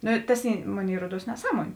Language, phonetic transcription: Lithuanian, ˈnu ˈtas ˈy ˈmoˌnėi ˈruoˌduos neˈsaˌmuonė

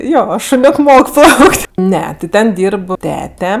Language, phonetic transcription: Lithuanian, ˈjo šoˈniok ˈmok ˈplauk't' ˈne ti ˈten ˈdyrb ˈtete

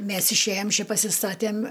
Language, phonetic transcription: Lithuanian, ˈmes išˈėjam ˈči pasiˈstatėm'

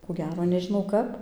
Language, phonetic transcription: Lithuanian, ko ˈgero nežiˈnau ˈkap

